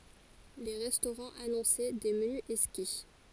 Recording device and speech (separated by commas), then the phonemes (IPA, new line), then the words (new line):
forehead accelerometer, read sentence
le ʁɛstoʁɑ̃z anɔ̃sɛ de məny ɛkski
Les restaurants annonçaient des menus exquis.